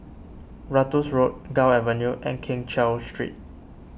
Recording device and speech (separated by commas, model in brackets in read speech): boundary microphone (BM630), read sentence